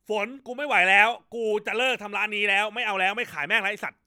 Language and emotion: Thai, angry